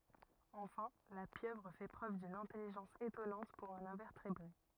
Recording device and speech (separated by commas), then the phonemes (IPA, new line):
rigid in-ear microphone, read sentence
ɑ̃fɛ̃ la pjøvʁ fɛ pʁøv dyn ɛ̃tɛliʒɑ̃s etɔnɑ̃t puʁ œ̃n ɛ̃vɛʁtebʁe